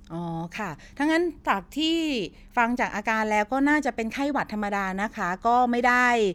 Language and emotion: Thai, neutral